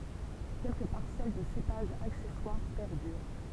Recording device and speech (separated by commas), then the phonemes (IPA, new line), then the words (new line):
temple vibration pickup, read sentence
kɛlkə paʁsɛl də sepaʒz aksɛswaʁ pɛʁdyʁ
Quelques parcelles de cépages accessoires perdurent.